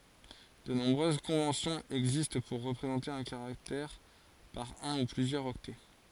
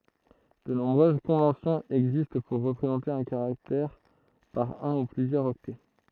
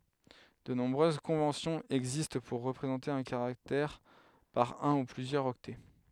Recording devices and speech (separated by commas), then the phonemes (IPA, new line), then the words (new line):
forehead accelerometer, throat microphone, headset microphone, read sentence
də nɔ̃bʁøz kɔ̃vɑ̃sjɔ̃z ɛɡzist puʁ ʁəpʁezɑ̃te œ̃ kaʁaktɛʁ paʁ œ̃ u plyzjœʁz ɔktɛ
De nombreuses conventions existent pour représenter un caractère par un ou plusieurs octets.